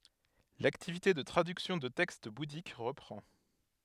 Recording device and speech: headset microphone, read sentence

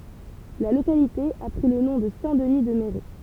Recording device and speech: temple vibration pickup, read sentence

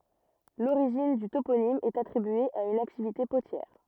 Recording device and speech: rigid in-ear microphone, read sentence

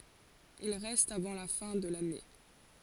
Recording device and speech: forehead accelerometer, read sentence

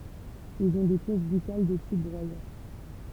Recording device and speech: temple vibration pickup, read sentence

